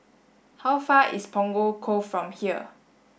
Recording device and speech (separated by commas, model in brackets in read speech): boundary microphone (BM630), read sentence